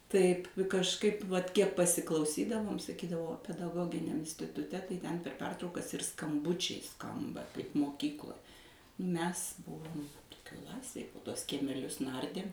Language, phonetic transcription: Lithuanian, ˈtaip kažˈkaip vat ˈkiek pasiklauˈsydavom saˈkydavo pedaˈgoginiam instituˈte tai ten per ˈpertraukas ir skamˈbučiai ˈskamba kaip moˈkykloj ˈmes ˈbuvom ˈklasėj po ˈtuos kiemeˈlius ˈnardėm

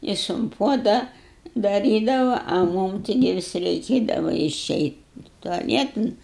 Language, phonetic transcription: Lithuanian, ˈjis un ˈpuoda daˈrydava a ˈmūm ˈtigi ˈvis reiˈkėdava iˈšeit' tuaˈlietan

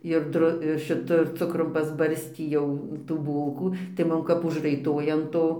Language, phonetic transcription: Lithuanian, ir ˈdru ir šiˈtu ir ˈcukrum pasˈbarstį jau tų ˈbūlkų tai ˈmum kap užraiˈtoja an ˈto

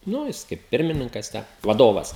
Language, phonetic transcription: Lithuanian, ˈnu jis ˈkaip ˈpirmininkas ˈtę vaˈdovas

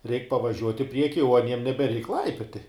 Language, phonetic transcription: Lithuanian, reik pavaˈžiuot' i ˈprieki o aˈniem nebeˈreik ˈlaipioti

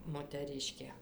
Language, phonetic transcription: Lithuanian, moteˈriškė

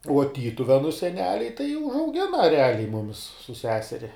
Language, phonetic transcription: Lithuanian, uo ˈtytuvenu seˈneliai tai užauˈgina reˈaliai ˈmumis su ˈseseri

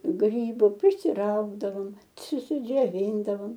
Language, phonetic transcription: Lithuanian, ˈgrybu prisiˈraugdavom ciusidžioˈvyndavom

